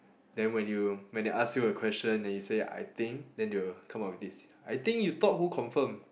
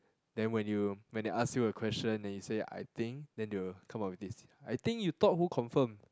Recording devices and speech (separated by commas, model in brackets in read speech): boundary microphone, close-talking microphone, conversation in the same room